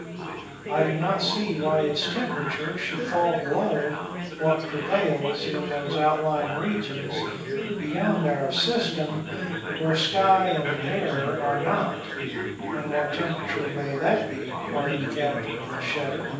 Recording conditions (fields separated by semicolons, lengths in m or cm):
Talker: one person; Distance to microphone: 9.8 m; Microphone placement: far; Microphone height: 1.8 m; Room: large; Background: babble